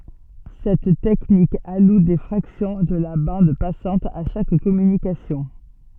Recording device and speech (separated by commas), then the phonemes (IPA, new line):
soft in-ear microphone, read sentence
sɛt tɛknik alu de fʁaksjɔ̃ də la bɑ̃d pasɑ̃t a ʃak kɔmynikasjɔ̃